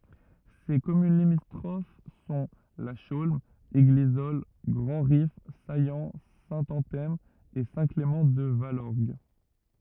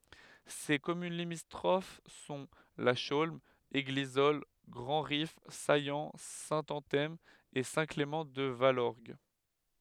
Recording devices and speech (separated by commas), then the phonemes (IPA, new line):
rigid in-ear microphone, headset microphone, read sentence
se kɔmyn limitʁof sɔ̃ la ʃolm eɡlizɔl ɡʁɑ̃dʁif sajɑ̃ sɛ̃tɑ̃tɛm e sɛ̃tklemɑ̃tdvalɔʁɡ